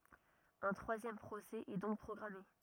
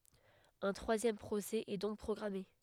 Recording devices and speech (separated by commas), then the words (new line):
rigid in-ear microphone, headset microphone, read sentence
Un troisième procès est donc programmé.